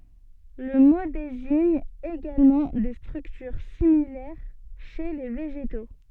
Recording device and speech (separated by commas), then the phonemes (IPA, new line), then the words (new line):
soft in-ear microphone, read sentence
lə mo deziɲ eɡalmɑ̃ de stʁyktyʁ similɛʁ ʃe le veʒeto
Le mot désigne également des structures similaires chez les végétaux.